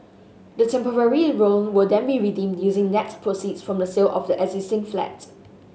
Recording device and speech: mobile phone (Samsung S8), read sentence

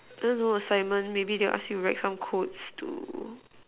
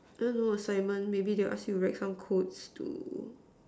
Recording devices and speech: telephone, standing microphone, conversation in separate rooms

